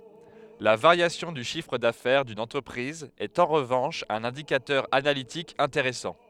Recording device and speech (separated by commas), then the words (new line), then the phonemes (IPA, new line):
headset microphone, read sentence
La variation du chiffre d'affaires d'une entreprise est en revanche un indicateur analytique intéressant.
la vaʁjasjɔ̃ dy ʃifʁ dafɛʁ dyn ɑ̃tʁəpʁiz ɛt ɑ̃ ʁəvɑ̃ʃ œ̃n ɛ̃dikatœʁ analitik ɛ̃teʁɛsɑ̃